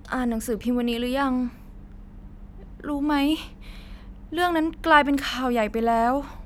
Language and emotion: Thai, frustrated